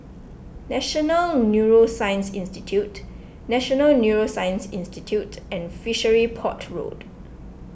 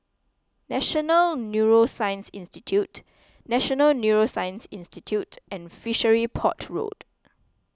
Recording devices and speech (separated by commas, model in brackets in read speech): boundary microphone (BM630), close-talking microphone (WH20), read sentence